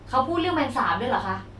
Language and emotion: Thai, frustrated